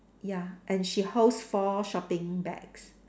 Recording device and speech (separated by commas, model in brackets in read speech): standing microphone, conversation in separate rooms